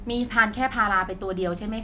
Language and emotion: Thai, neutral